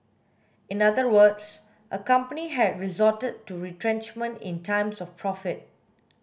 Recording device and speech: boundary microphone (BM630), read sentence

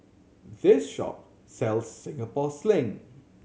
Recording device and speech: mobile phone (Samsung C7100), read sentence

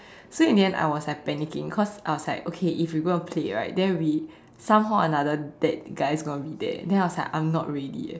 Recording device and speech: standing microphone, conversation in separate rooms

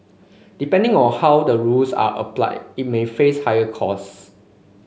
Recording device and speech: mobile phone (Samsung C5), read sentence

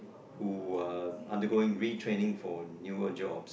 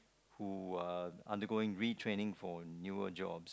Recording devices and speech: boundary microphone, close-talking microphone, conversation in the same room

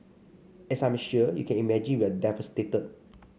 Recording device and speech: mobile phone (Samsung C5), read sentence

